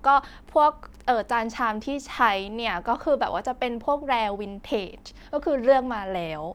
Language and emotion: Thai, neutral